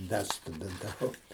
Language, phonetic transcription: Lithuanian, ˈda studintaˈvau

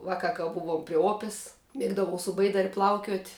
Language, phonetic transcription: Lithuanian, ˈvaˌka ka ˈbuvuom pri ˈopes ˈmiegdavau su ˈbaidar' ˈplaukiuot'

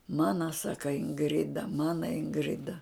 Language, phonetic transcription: Lithuanian, ˈmana ˈsaka inˈgrida ˈmana inˈgrida

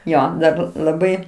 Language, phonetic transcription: Lithuanian, ˈjo ˈdar laˈbai

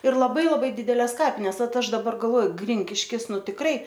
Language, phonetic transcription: Lithuanian, ir laˈbai laˈbai ˈdideles ˈkapines ˈvat ˈaš daˈbar galˈvoju ˈgrinkiškis ˈnu tikˈrai

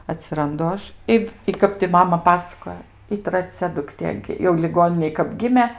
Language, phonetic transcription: Lithuanian, atsiranˈdu ˈaš ˈi i ˈkap ti ˈmama ˈpasakojo i traˈcia dukˈtė jau liˈgoninėj kap ˈgimė

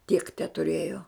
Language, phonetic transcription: Lithuanian, tiek tetuˈrėjo

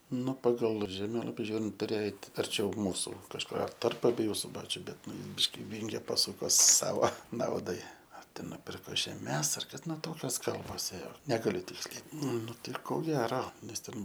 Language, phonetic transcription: Lithuanian, ˈu paˈgal žeˈmėlapi ˈžiūrint tuˈrėjo ˈeit arˈčiau ˈmūsu kažˈkur tarp abeˈjų suˈbačiu ˈbet ˈnu ˈbiški ˈvinge paˈsuko ˈsavo ˈnaudai ar ˈten nuˈpirko žeˈmes ar ˈkad ˈnu ˈtokios ˈkalbos ˈėjo ˈnegaliu ˈtiksliai ˈnu tai ko ˈgero nes ˈten

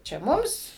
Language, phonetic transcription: Lithuanian, čia ˈmums

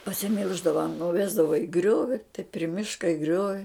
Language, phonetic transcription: Lithuanian, pasiˈmilždava nuˈvesdava i ˈgriovi tai pri ˈmiška i ˈgriovi

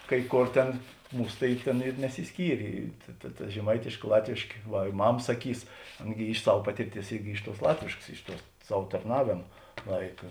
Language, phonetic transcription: Lithuanian, kai ˈkor ˈten ˈmūs tai ˈtėn ir nesisˈkyrė ta ta žeˈmaitėškė ˈlatvėškė ˈva i ˈmam saˈkys ˈana gi iš ˈsav ˈpatirˌties ˈirgi ˈiš ˌtuos ˈlatvėškas ˈiš ˌtuo ˈsav tarˈnavėma ˈlaika

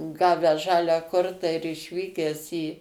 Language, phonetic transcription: Lithuanian, ˈgavęs ˈžalią ˈkortą ir išˈvykęs į

